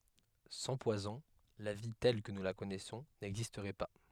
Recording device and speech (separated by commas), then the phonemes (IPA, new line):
headset microphone, read sentence
sɑ̃ pwazɔ̃ la vi tɛl kə nu la kɔnɛsɔ̃ nɛɡzistʁɛ pa